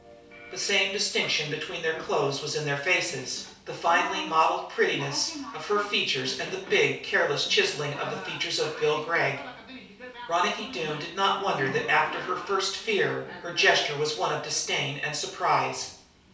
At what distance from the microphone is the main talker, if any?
3.0 m.